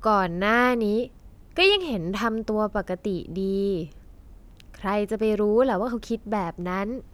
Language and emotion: Thai, frustrated